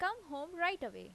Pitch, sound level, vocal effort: 345 Hz, 89 dB SPL, normal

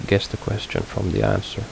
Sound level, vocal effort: 71 dB SPL, soft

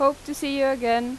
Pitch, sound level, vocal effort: 275 Hz, 91 dB SPL, loud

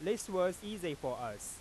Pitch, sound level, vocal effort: 180 Hz, 96 dB SPL, loud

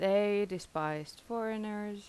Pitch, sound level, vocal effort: 205 Hz, 85 dB SPL, normal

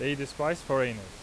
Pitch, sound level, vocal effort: 135 Hz, 92 dB SPL, very loud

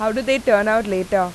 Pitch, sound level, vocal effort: 215 Hz, 89 dB SPL, loud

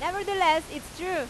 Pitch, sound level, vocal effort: 335 Hz, 97 dB SPL, very loud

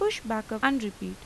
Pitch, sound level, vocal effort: 220 Hz, 85 dB SPL, normal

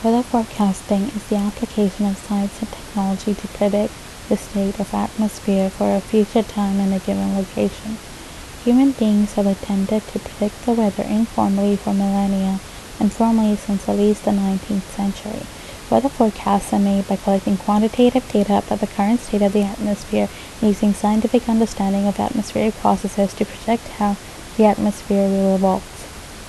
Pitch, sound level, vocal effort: 205 Hz, 73 dB SPL, soft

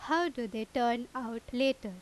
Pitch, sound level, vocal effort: 240 Hz, 88 dB SPL, loud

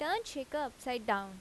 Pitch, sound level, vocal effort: 260 Hz, 86 dB SPL, loud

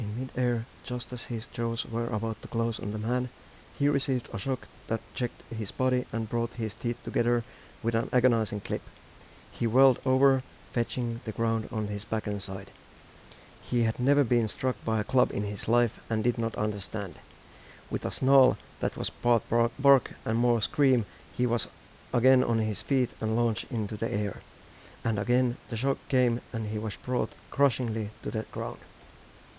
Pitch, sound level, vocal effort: 115 Hz, 81 dB SPL, soft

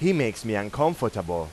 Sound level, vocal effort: 93 dB SPL, very loud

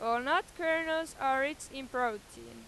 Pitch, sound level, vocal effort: 270 Hz, 97 dB SPL, very loud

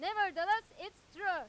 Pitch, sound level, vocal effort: 395 Hz, 107 dB SPL, very loud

